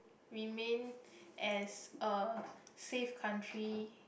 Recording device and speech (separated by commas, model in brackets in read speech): boundary microphone, conversation in the same room